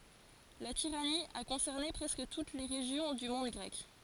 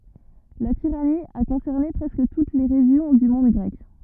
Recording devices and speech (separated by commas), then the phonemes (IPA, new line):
forehead accelerometer, rigid in-ear microphone, read sentence
la tiʁani a kɔ̃sɛʁne pʁɛskə tut le ʁeʒjɔ̃ dy mɔ̃d ɡʁɛk